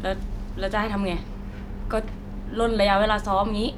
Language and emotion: Thai, frustrated